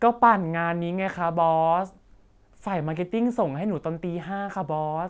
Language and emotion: Thai, frustrated